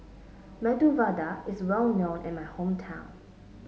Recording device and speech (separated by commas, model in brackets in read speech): mobile phone (Samsung S8), read sentence